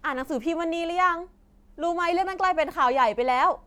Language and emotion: Thai, frustrated